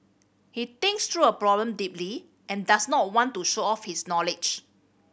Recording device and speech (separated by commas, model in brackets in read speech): boundary microphone (BM630), read sentence